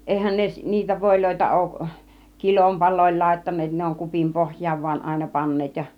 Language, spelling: Finnish, eihän ne niitä voita ole kilonpaloilla laittaneet ne on kupin pohjaan vain aina panneet ja
- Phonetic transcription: 'èihän 'ne , niitä 'vòiloita 'òuˀ , "kilompal̆lòil 'làittan̆neet ne oŋ 'kupim 'pohj̆jaav van àina 'paǹneet ja .

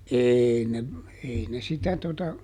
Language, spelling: Finnish, ei ne ei ne sitä tuota
- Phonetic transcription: ˈeei ne , ˈei ne ˈsitä tota ,.

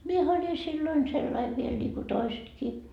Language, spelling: Finnish, minähän olin silloin sellainen vielä niin kuin toisetkin
- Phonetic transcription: 'miehä oĺi 'silloin sellaiv viel ńiiku "toisetkii .

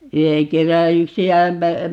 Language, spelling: Finnish, yhden kerran yksi ämmä
- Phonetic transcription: 'yheŋ 'kerra 'yksi "ämmä , .

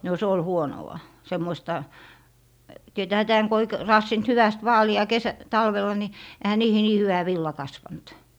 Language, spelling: Finnish, no se oli huonoa semmoista tietäähän tämän kun ei - raatsinut hyvästi vaalia - talvella niin eihän niihin niin hyvä villa kasvanut
- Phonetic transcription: no se ol "huonowa , 'semmoista , 'tietäähä 'tääŋ ko ei k- , 'raassint 'hyväst "vaali₍a 'kesä - 'talvel̀a ni , ehä niihi 'nii 'hyvä 'villa 'kasvant .

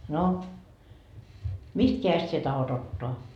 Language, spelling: Finnish, no mistä kädestä sinä tahdot ottaa
- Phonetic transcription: » no , "mist 'keäjest sie 'tahot ‿ottoa ? »

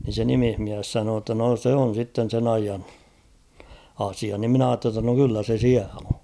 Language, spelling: Finnish, niin se nimismies sanoi jotta no se on sitten sen ajan asia niin minä ajattelin jotta no kyllä se siellä on
- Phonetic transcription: ni se "nimihmiäs 'sanoo ‿tta no 'se on̬ sitten̬ 'sen ‿aijan̬ , 'asia nim 'mⁱn ‿aatte ‿tta no 'kyllä se "siäl ‿o .

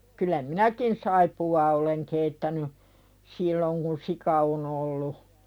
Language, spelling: Finnish, kyllä minäkin saippuaa olen keittänyt silloin kun sika on ollut
- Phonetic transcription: kyl̆lä "minäkin 'saipu₍aa oleŋ keittäny , 'silloŋ kun "sika on ‿ollu .

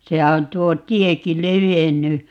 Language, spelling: Finnish, sehän on tuo tiekin levennyt
- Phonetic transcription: 'sehä on 'tuo "tieki "levenny .

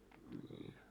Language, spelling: Finnish, niin
- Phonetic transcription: ńin .

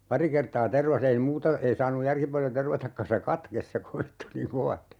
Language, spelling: Finnish, pari kertaa tervasi ei muuta ei saanut järki paljon tervatakaan se katkesi se kovettui niin kovasti
- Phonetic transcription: "pari kertaa 'tervas ‿ei 'muuta , 'ei saanuj "järki paljo 'tervatakka se "katkes se 'kovettu niiŋ "kova(sti) .

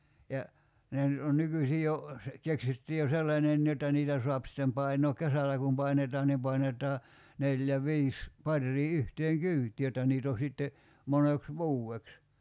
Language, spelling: Finnish, ja ne nyt on nykyisin jo - keksitty jo sellainenkin jotta niitä saa sitten painaa kesällä kun painetaan niin painetaan neljä viisi paria yhteen kyytiin jotta niitä on sitten moneksi vuodeksi
- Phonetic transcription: ja , 'ne nyt on 'nykysi jo , se- , 'keksitty jo "sellańen(ni) jot̆ta 'niitä soap sittem 'painook "kesäl̆lä kum 'painetaan nim 'painet̀aa , 'neljä "viis , 'parrii "yhteeŋ "kyyt̀i 'jot̆ta niit ‿o 'sitte , 'moneks "vuu₍eks .

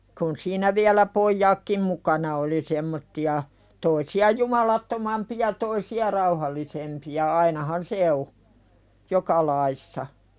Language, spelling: Finnish, kun siinä vielä pojatkin mukana oli semmoisia toisia jumalattomampia toisia rauhallisempia ainahan se on joka lajissa
- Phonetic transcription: kun siinä viälä "pojjaakkim 'mukana oli semmotti₍a , toisi₍a "jumalattomampiʲa toisi₍a 'rauhallisempi₍a ainahan "se o , 'joka laissa .

